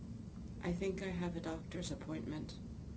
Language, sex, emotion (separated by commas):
English, female, neutral